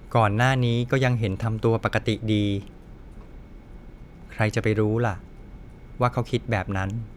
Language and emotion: Thai, neutral